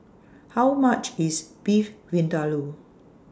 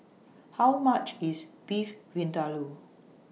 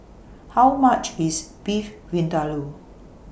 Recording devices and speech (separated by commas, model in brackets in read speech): standing microphone (AKG C214), mobile phone (iPhone 6), boundary microphone (BM630), read sentence